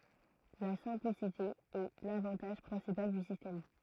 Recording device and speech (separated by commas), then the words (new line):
throat microphone, read sentence
La simplicité est l'avantage principal du système.